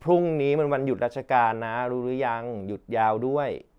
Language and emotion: Thai, neutral